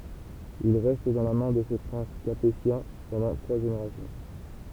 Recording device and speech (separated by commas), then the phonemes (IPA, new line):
temple vibration pickup, read sentence
il ʁɛst dɑ̃ la mɛ̃ də se pʁɛ̃s kapetjɛ̃ pɑ̃dɑ̃ tʁwa ʒeneʁasjɔ̃